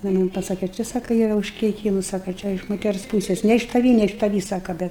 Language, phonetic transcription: Lithuanian, ˈnu ji ˈman' paˈsake ˈčia ˈsaka ˈyra užkeiˈkymus ˈsaka ˈčia iš moˈters ˈpūses ne iš taˈvį ne iš taˈvį ˈsaka ˈbet

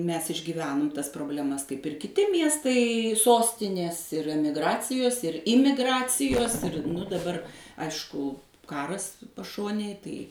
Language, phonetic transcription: Lithuanian, ˈmes išgyˈvenum ˈtas probleˈmas kaip ir kiˈti ˈmiestai ˈsostinės ir ˈemigˈracijos ir ˈimiˈgracijos ir daˈbar ˈaišku ˈkaras paˈšonėj ˈtai

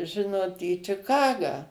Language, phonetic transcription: Lithuanian, ˈžinot į čiˈkagą

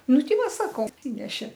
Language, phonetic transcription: Lithuanian, ˈnu ˈti ˈva ˈsako atˈsinešė

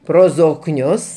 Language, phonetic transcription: Lithuanian, ˈpro zokˈnius

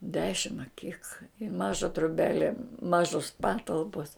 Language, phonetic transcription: Lithuanian, ˈdešim a kik i ˈmaža troˈbele ˈmažos ˈpatalpos

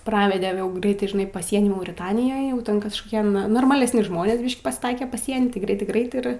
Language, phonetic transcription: Lithuanian, ˈpravede jau ˈgreitai žiˈnai paˈsieny mauriˈtanijoj jau ˈten kažkoˈkie n normalesˈni ˈžmonės ˈbyš'k' pasˈtaie paˈsieny tai ˈgreitai ˈgrait ˈir

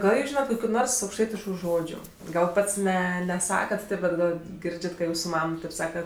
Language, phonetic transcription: Lithuanian, ˈgal jūs ˈžynat kokiu ˈnors aukšˈtaitišku ˈžodžiu ˈgal ˈpats ˈne neˈsakat ˈtėp ˈbet ˈgal ˈgirdžiat kad ˈjūsu ˈmam ˈtaip ˈsaka

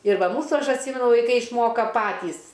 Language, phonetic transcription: Lithuanian, ir ˈva ˈmūsų ˈaš atˈsymenu vaiˈkai išˈmoka ˈpatys

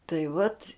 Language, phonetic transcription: Lithuanian, tai vat'

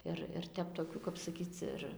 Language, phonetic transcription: Lithuanian, ˈir ir ˈtep toˈkių kap saˈkyc ir

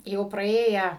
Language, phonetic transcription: Lithuanian, ˈjau praˈėję

